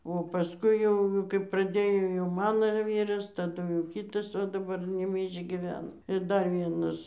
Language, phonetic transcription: Lithuanian, o pasˈkui jau kaip praˈdėjo jau ˈmano ir ˈvyras taˈdu jau ˈkytas o daˈbar nebeišgyˈvena ir ˈdar ˈvienas

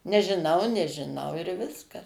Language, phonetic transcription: Lithuanian, nežiˈnau nežiˈnau ir ˈviskas

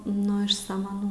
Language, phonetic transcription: Lithuanian, nu iš samaˈnų

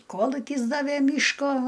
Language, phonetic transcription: Lithuanian, ˈkolukis ˈdavė ˈmyško

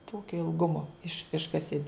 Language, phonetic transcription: Lithuanian, ˈtokio ilˈgumo iš ˈiškasi

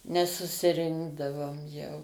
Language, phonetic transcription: Lithuanian, nesusiˈrinkdavom jau

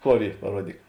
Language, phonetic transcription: Lithuanian, ˈkor ˈy paˈruodyk

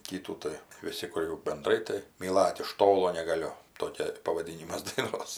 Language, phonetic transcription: Lithuanian, ˈkytų tai viˈsi kur jau benˈdrai tai myˈlat iš ˈtolo negaˈliu ˈtokia pavaˈdynimas daiˈnos

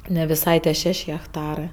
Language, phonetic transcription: Lithuanian, ne viˈsai tie ˈšeš' hekˈtarɜ

